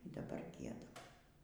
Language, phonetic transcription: Lithuanian, y daˈbar ˈgiedam

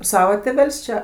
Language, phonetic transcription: Lithuanian, ˈsava tėˈvel's' čia

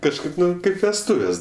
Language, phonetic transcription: Lithuanian, kažˈkaip ˈnu ˈkaip vesˈtuves

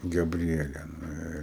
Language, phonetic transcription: Lithuanian, gaˈbriele ˈnu ir

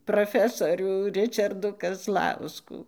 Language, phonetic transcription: Lithuanian, proˈfesorių ˈričardų kazˈlauskų

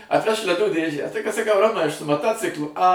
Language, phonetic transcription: Lithuanian, atˈvežk leˈdų ˈdėžę tai kad saˈkau ˈromai aš su maˈtociklu a

